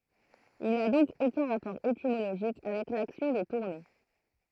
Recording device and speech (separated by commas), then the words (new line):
throat microphone, read sentence
Il n'a donc aucun rapport étymologique avec l'action de tourner.